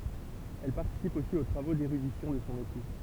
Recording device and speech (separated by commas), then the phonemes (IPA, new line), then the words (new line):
temple vibration pickup, read sentence
ɛl paʁtisip osi o tʁavo deʁydisjɔ̃ də sɔ̃ epu
Elle participe aussi aux travaux d'érudition de son époux.